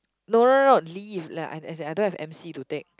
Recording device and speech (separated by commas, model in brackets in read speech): close-talking microphone, conversation in the same room